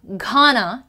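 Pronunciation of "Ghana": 'Ghana' is pronounced incorrectly here.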